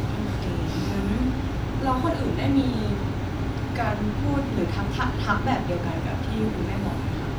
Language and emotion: Thai, frustrated